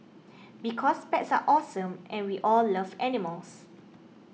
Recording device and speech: mobile phone (iPhone 6), read sentence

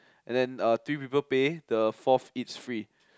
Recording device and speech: close-talking microphone, conversation in the same room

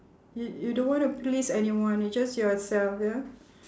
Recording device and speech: standing microphone, conversation in separate rooms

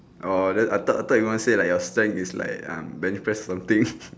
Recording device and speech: standing microphone, conversation in separate rooms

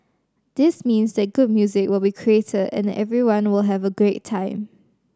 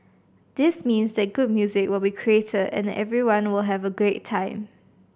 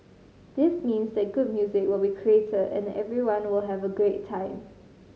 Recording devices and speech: standing microphone (AKG C214), boundary microphone (BM630), mobile phone (Samsung C5010), read sentence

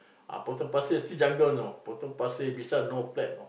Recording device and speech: boundary microphone, conversation in the same room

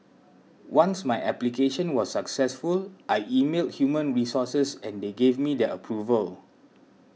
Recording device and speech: mobile phone (iPhone 6), read sentence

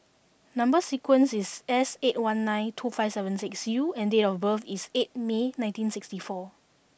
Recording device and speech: boundary microphone (BM630), read sentence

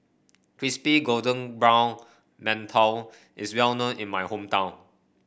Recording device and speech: boundary microphone (BM630), read sentence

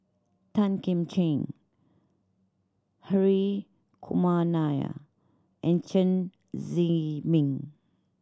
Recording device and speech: standing microphone (AKG C214), read sentence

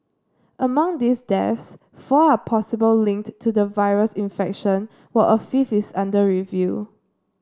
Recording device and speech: standing microphone (AKG C214), read sentence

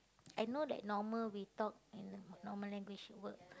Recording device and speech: close-talking microphone, conversation in the same room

